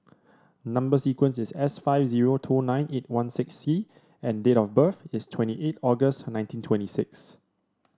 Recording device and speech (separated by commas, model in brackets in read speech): standing microphone (AKG C214), read sentence